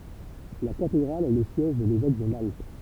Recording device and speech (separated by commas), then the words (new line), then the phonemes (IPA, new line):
temple vibration pickup, read sentence
La Cathédrale est le siège de l'évêque de Malte.
la katedʁal ɛ lə sjɛʒ də levɛk də malt